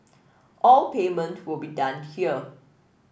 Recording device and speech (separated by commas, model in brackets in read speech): boundary microphone (BM630), read sentence